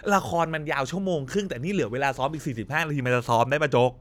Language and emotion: Thai, frustrated